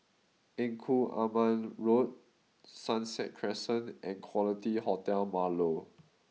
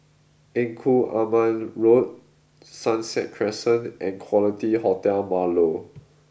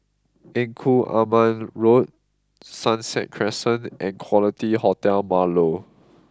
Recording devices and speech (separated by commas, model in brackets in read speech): mobile phone (iPhone 6), boundary microphone (BM630), close-talking microphone (WH20), read sentence